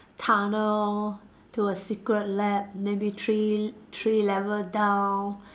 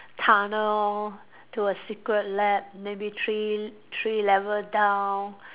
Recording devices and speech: standing microphone, telephone, conversation in separate rooms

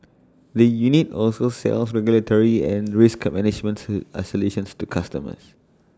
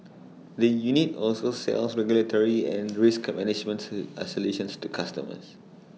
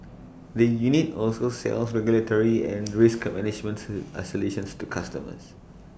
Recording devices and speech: standing microphone (AKG C214), mobile phone (iPhone 6), boundary microphone (BM630), read sentence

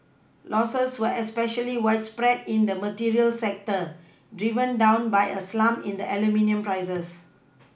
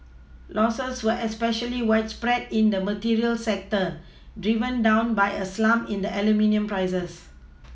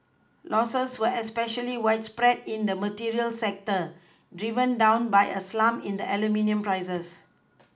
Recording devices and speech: boundary microphone (BM630), mobile phone (iPhone 6), close-talking microphone (WH20), read sentence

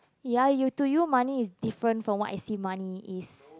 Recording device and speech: close-talking microphone, conversation in the same room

